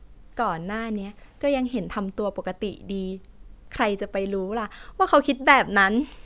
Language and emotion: Thai, happy